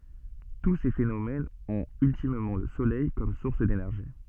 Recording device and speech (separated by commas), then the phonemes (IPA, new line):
soft in-ear microphone, read sentence
tu se fenomɛnz ɔ̃t yltimmɑ̃ lə solɛj kɔm suʁs denɛʁʒi